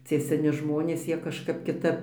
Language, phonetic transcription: Lithuanian, ˈcie seˈni ˈžmonės ˈjie kažˈkap kiˈtap

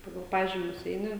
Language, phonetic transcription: Lithuanian, ˈpagal ˈpažymius ˈeini

